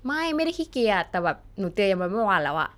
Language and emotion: Thai, frustrated